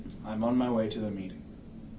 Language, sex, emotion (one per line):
English
male
neutral